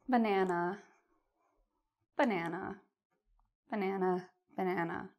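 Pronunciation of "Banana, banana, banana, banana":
'Banana' is said four times, in a sad tone.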